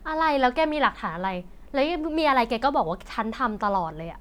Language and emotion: Thai, frustrated